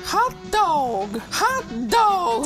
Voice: in high-pitched voice